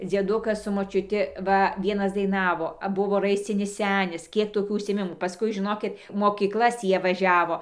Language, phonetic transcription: Lithuanian, dzieˈdukas su močiuˈti ˈva ˈvienas daiˈnavo ˈbuvo ˈraiscinis ˈsenis ˈkiek toˈkių užsiėˈmimų paˈskui žiˈnokit mokykˈlas tį ˈjie vaˈžiavo

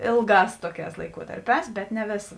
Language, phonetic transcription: Lithuanian, ˈėlˌgās ˈtoˌkēs laiˈkuotarˌpēs bet ne ˈvėsa

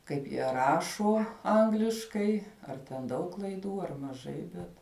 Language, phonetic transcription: Lithuanian, ˈkaip jie ˈrašo ˈangliškai ar ten ˈdaug klaiˈdų ar maˈžai ˈbet

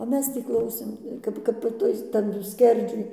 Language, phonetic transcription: Lithuanian, o ˈmes ˈtį ˈklausėm ˈkap ˈkap i ˈtuis ˈtadu ˈskerdžiuj

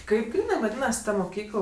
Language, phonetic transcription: Lithuanian, ˈkaip ˈgrynɜ vaˈdynasi ˈta muˈkykl

